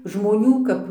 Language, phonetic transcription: Lithuanian, žmoˈnių kap

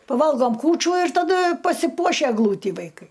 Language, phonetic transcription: Lithuanian, paˈvalgom ˈkūčių ir taˈda pasiˈpuošia egˈlūtį vaiˈkai

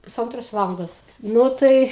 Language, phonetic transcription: Lithuanian, puˈsantros ˈvalandos ˈnu tai

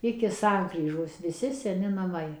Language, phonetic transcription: Lithuanian, ˌiki ˈsankryžos viˈsi seˈni naˈmai

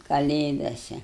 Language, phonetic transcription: Lithuanian, kaˈlėdase

